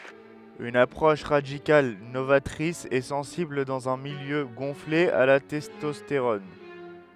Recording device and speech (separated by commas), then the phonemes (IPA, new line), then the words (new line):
headset microphone, read sentence
yn apʁɔʃ ʁadikal novatʁis e sɑ̃sibl dɑ̃z œ̃ miljø ɡɔ̃fle a la tɛstɔsteʁɔn
Une approche radicale, novatrice et sensible dans un milieu gonflé à la testostérone.